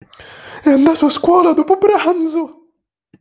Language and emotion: Italian, fearful